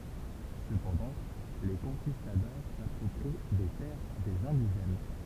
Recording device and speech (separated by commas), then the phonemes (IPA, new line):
temple vibration pickup, read sentence
səpɑ̃dɑ̃ le kɔ̃kistadɔʁ sapʁɔpʁi de tɛʁ dez ɛ̃diʒɛn